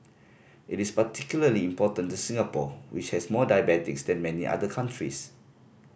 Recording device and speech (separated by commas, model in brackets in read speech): boundary microphone (BM630), read sentence